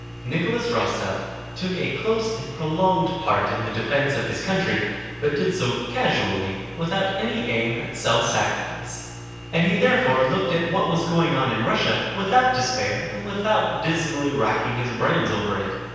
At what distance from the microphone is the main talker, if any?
7.1 m.